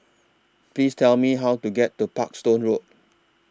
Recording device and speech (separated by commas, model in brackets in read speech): standing microphone (AKG C214), read sentence